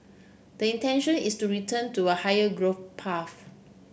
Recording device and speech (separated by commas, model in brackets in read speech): boundary microphone (BM630), read sentence